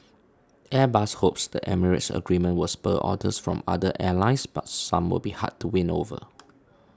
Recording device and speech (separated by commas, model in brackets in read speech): standing microphone (AKG C214), read sentence